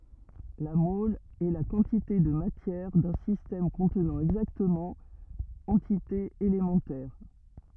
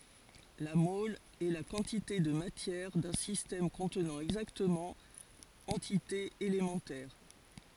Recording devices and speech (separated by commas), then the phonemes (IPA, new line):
rigid in-ear microphone, forehead accelerometer, read sentence
la mɔl ɛ la kɑ̃tite də matjɛʁ dœ̃ sistɛm kɔ̃tnɑ̃ ɛɡzaktəmɑ̃ ɑ̃titez elemɑ̃tɛʁ